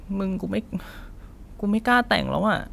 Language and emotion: Thai, sad